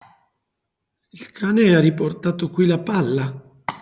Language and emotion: Italian, neutral